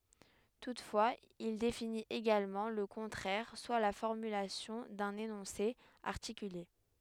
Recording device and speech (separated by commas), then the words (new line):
headset microphone, read sentence
Toutefois, il définit également le contraire, soit la formulation d'un énoncé articulé.